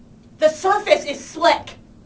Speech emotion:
angry